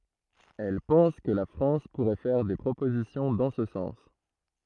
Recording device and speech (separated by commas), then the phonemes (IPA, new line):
throat microphone, read sentence
ɛl pɑ̃s kə la fʁɑ̃s puʁɛ fɛʁ de pʁopozisjɔ̃ dɑ̃ sə sɑ̃s